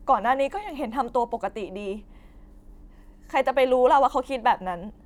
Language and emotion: Thai, sad